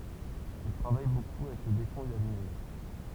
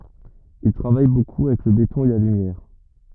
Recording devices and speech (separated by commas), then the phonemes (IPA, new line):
temple vibration pickup, rigid in-ear microphone, read sentence
il tʁavaj boku avɛk lə betɔ̃ e la lymjɛʁ